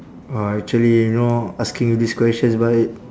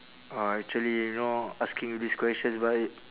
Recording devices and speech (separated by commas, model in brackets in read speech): standing microphone, telephone, conversation in separate rooms